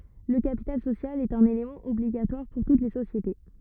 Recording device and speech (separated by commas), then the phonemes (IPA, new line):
rigid in-ear microphone, read sentence
lə kapital sosjal ɛt œ̃n elemɑ̃ ɔbliɡatwaʁ puʁ tut le sosjete